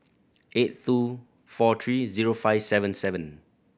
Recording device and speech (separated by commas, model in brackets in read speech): boundary microphone (BM630), read sentence